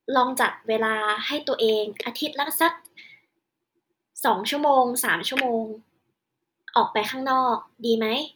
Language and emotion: Thai, neutral